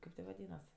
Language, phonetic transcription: Lithuanian, ˈkaip tė vaˈdynas

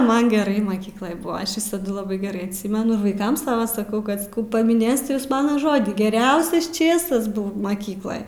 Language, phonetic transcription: Lithuanian, ˈman geˈrai ˈmakykloj o ˈaš ˈvisadu laˈbai geˈrai atˈsimenu ir vaiˈkam ˈsava saˈkau kad saˈkau pamiˈnėsit ˈjūs ˈmano ˈžodį geˈriausias ˈčėsas ˈbuv maˈkykloj

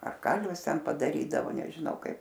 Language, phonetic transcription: Lithuanian, ar ˈkalvis ˈten padaˈrydavo nežiˈnau ˈkaip

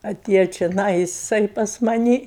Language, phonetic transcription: Lithuanian, aˈtėjo čioˈnai jiˈsai pas maˈni

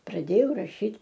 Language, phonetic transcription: Lithuanian, praˈdėjau raˈšyt'

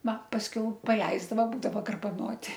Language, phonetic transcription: Lithuanian, ˈva pasˈkiau paˈleisdavo ˈbūdavo garbaˈnoti

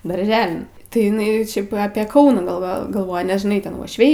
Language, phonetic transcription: Lithuanian, darˈželin tai iˈnai ˈšiaip apie ˈkauną galˈvo galˈvoja nes žiˈnai ten uošˈviai

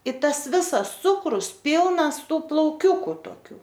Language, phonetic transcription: Lithuanian, i ˈtas ˈvisas ˈcukrus ˈpylnas ˈtų plauˈkiuku toˈkių

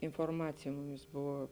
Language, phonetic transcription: Lithuanian, inforˈmacija ˈmumys ˈbuvo

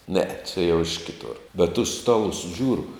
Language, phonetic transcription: Lithuanian, nee čia jau iš ˈkitor bet tus ˈstalus ˈžiūru

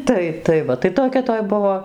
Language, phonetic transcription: Lithuanian, ˈtai tai ˈva tai toˈkia ˈtoj ˈbuvo

